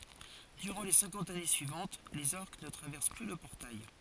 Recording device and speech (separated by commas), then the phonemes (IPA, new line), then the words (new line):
forehead accelerometer, read sentence
dyʁɑ̃ le sɛ̃kɑ̃t ane syivɑ̃t lez ɔʁk nə tʁavɛʁs ply lə pɔʁtaj
Durant les cinquante années suivantes, les orcs ne traversent plus le portail.